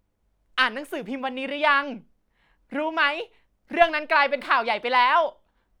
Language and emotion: Thai, happy